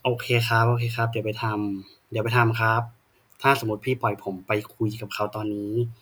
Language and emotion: Thai, frustrated